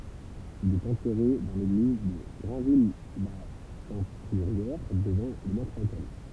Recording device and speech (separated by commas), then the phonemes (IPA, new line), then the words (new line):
temple vibration pickup, read sentence
il ɛt ɑ̃tɛʁe dɑ̃ leɡliz də ɡʁɛ̃vijlatɛ̃tyʁjɛʁ dəvɑ̃ lə mɛtʁotɛl
Il est enterré dans l'église de Grainville-la-Teinturière, devant le maître-autel.